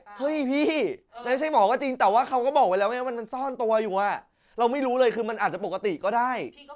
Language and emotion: Thai, angry